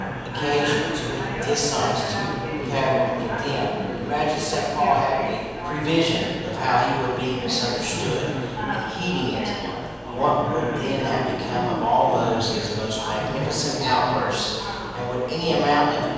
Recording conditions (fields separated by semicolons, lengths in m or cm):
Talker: one person; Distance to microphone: 7.1 m; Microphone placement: far; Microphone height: 1.7 m; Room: very reverberant, large; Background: babble